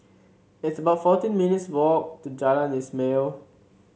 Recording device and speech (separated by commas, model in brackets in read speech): mobile phone (Samsung C7), read sentence